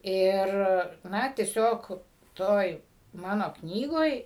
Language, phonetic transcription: Lithuanian, ˈir ˈna tieˈsiog ˈtoj ˈmano ˈknygoj

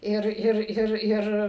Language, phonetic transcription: Lithuanian, ˈir ˈir ˈir ˈir

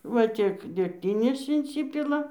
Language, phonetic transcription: Lithuanian, va ˈtiek degˈtinės inˈsipila

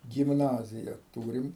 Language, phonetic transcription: Lithuanian, gimˈnazija ˈtūrim

